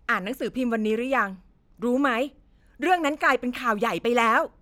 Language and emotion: Thai, frustrated